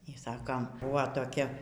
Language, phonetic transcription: Lithuanian, y ˈsakom ˈbuvo toˈkia

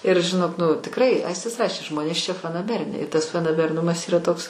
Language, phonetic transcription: Lithuanian, ir žiˈnok nu tikˈrai ˈaistis ˈrašė ˈžmonės čia fanaˈberiniai i tas fanaberˈnumas ˈyra ˈtoks

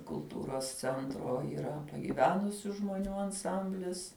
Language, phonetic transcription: Lithuanian, kulˈtūros cenˈtro yˈra pagyˈvenusiu žmoˈnių anˈsamblis

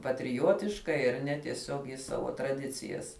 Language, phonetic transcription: Lithuanian, patriˈjotiškai ar ˈne tieˈsiog jis ˈsavo traˈdicijas

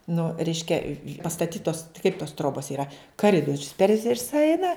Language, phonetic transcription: Lithuanian, nu ˈreiškia pastaˈtytos kaip tos ˈtrobos yˈra kaˈridorius per ˈvisa ˈeina

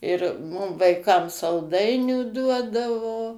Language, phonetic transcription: Lithuanian, ir ˈmum vaiˈkam salˈdainių ˈduodavo

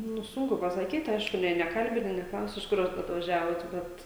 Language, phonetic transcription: Lithuanian, nu ˈsunku pasaˈkyt ˈaišku ˈnei neˈkalbini neˈklausi iš ˈkur at atvaˈžiavot ˈbet

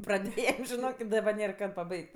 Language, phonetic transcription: Lithuanian, praˈdėjem žiˈnok i daˈbar ˈnėr ˈkad paˈbaig't'

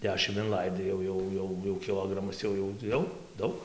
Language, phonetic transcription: Lithuanian, ˈdešim inˈlaidai ˈjau ˈjau ˈjau jau kiˈlogramas ˈjau jau ˈjau ˈdaug

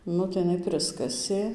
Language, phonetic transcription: Lithuanian, ˈnu tai jiˈnai ˈpriskasė

